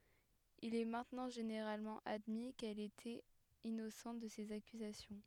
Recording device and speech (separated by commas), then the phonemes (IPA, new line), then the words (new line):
headset microphone, read sentence
il ɛ mɛ̃tnɑ̃ ʒeneʁalmɑ̃ admi kɛl etɛt inosɑ̃t də sez akyzasjɔ̃
Il est maintenant généralement admis qu'elle était innocente de ces accusations.